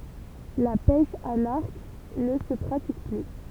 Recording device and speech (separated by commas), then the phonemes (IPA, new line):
temple vibration pickup, read sentence
la pɛʃ a laʁk nə sə pʁatik ply